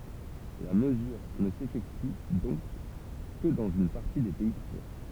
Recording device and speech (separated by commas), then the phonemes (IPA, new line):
temple vibration pickup, read sentence
la məzyʁ nə sefɛkty dɔ̃k kə dɑ̃z yn paʁti de pɛi kuvɛʁ